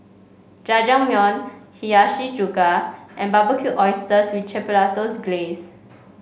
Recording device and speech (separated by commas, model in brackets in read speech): mobile phone (Samsung C5), read sentence